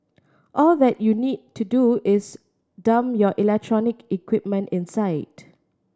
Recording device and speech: standing microphone (AKG C214), read sentence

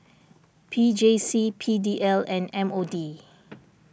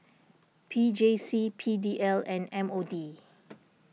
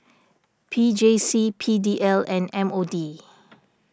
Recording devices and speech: boundary microphone (BM630), mobile phone (iPhone 6), standing microphone (AKG C214), read sentence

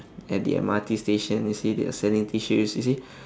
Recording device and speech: standing microphone, conversation in separate rooms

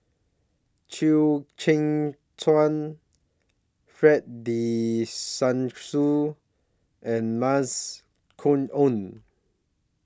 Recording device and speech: standing microphone (AKG C214), read sentence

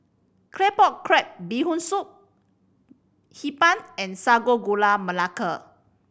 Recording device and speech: boundary microphone (BM630), read sentence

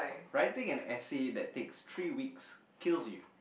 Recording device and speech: boundary microphone, conversation in the same room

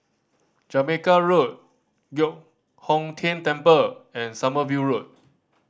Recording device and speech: standing microphone (AKG C214), read sentence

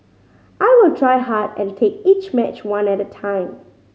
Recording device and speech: mobile phone (Samsung C5010), read sentence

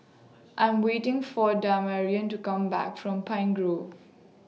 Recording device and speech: mobile phone (iPhone 6), read sentence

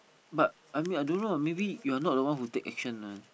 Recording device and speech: boundary microphone, conversation in the same room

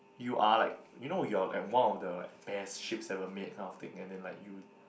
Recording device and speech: boundary microphone, conversation in the same room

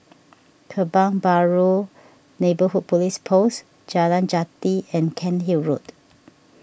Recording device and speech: boundary microphone (BM630), read sentence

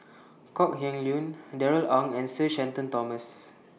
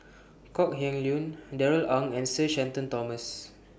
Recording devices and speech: mobile phone (iPhone 6), boundary microphone (BM630), read sentence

